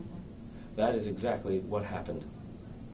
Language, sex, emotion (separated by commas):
English, male, neutral